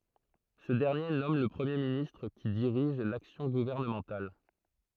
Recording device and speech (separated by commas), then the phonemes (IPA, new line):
throat microphone, read sentence
sə dɛʁnje nɔm lə pʁəmje ministʁ ki diʁiʒ laksjɔ̃ ɡuvɛʁnəmɑ̃tal